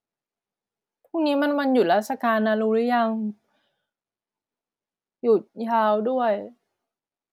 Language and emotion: Thai, frustrated